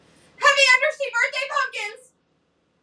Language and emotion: English, fearful